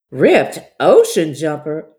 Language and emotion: English, sad